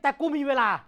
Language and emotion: Thai, angry